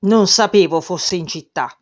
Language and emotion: Italian, angry